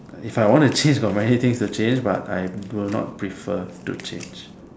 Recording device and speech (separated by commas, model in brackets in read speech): standing microphone, conversation in separate rooms